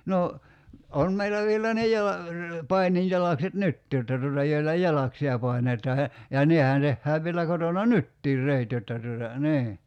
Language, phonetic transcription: Finnish, 'no , 'on meillä vielä ne 'jala- , 'painijjalakset "nyttii jotta tuota 'joilla "jalaksi₍a 'pai̬net̀aa ja , ja "nehän 'tehhääv vielä 'kotona "nyttiir 'rèit jotta tuota , 'nii .
- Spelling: no on meillä vielä ne - paininjalakset nytkin jotta tuota joilla jalaksia painetaan ja ja nehän tehdään vielä kotona nytkin reet jotta tuota niin

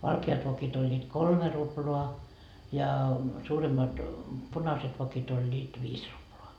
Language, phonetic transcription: Finnish, "valke₍at 'vokit ‿oĺĺiit "kolme 'ruploa , ja , 'suuremmat , "punaset 'vokit ‿oĺĺiit 'viis ruploa .
- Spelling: valkeat vokit olivat kolme ruplaa ja suuremmat punaiset vokit olivat viisi ruplaa

